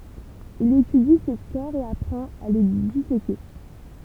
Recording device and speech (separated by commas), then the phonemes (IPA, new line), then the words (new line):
temple vibration pickup, read sentence
il etydi se kɔʁ e apʁɑ̃t a le diseke
Il étudie ces corps et apprend à les disséquer.